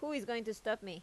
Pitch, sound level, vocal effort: 220 Hz, 86 dB SPL, loud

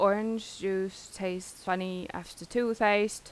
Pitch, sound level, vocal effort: 195 Hz, 86 dB SPL, normal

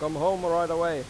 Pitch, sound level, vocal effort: 170 Hz, 97 dB SPL, loud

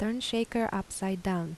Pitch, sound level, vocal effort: 200 Hz, 80 dB SPL, soft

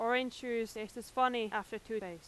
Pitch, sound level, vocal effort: 225 Hz, 91 dB SPL, very loud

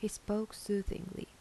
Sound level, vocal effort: 77 dB SPL, soft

